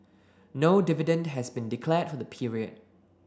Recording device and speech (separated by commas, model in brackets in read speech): standing microphone (AKG C214), read sentence